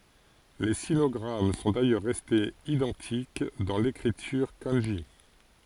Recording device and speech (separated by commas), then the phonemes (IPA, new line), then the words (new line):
forehead accelerometer, read sentence
le sinɔɡʁam sɔ̃ dajœʁ ʁɛstez idɑ̃tik dɑ̃ lekʁityʁ kɑ̃ʒi
Les sinogrammes sont d'ailleurs restés identiques dans l'écriture kanji.